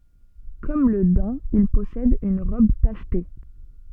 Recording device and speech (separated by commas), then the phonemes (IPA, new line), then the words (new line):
soft in-ear microphone, read sentence
kɔm lə dɛ̃ il pɔsɛd yn ʁɔb taʃte
Comme le daim, il possède une robe tachetée.